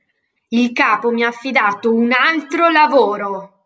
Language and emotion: Italian, angry